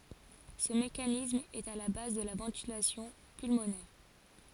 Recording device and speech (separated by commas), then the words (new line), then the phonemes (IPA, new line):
forehead accelerometer, read sentence
Ce mécanisme est à la base de la ventilation pulmonaire.
sə mekanism ɛt a la baz də la vɑ̃tilasjɔ̃ pylmonɛʁ